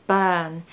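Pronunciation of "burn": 'Burn' is said in a British accent, with no R pronounced. The vowel is a long er sound.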